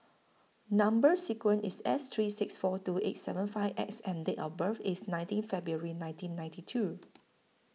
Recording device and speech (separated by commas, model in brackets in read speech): mobile phone (iPhone 6), read sentence